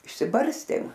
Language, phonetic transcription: Lithuanian, išsiˈbarstėm

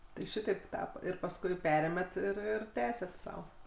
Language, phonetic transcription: Lithuanian, tai ˈšitaip ˈtapa ir pasˈkui ˈperėmet ir ˈir ˈtęset sau

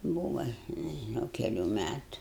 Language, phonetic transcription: Lithuanian, ˈbūva nežiˈnau keˈlių ˈmætu

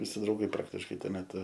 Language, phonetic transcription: Lithuanian, viˈsi drauˈgai ˈpraktiškai ˈtuo meˈtu

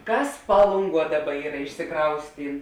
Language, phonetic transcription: Lithuanian, ˈkas ˈpalunˌguo ˈdaˌba ˈyra išsiˈkraustyn

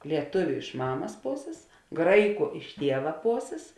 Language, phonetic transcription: Lithuanian, lieˈtuviu iš ˈmamas ˈposės ˈgraiˌku iš ˈtieva ˈposės

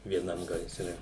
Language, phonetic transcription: Lithuanian, vieˈnam gaiˈsre

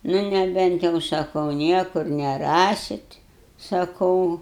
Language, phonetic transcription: Lithuanian, ˈnu neˈbent jau saˈkau ˈniekur neˈrasit saˈkau

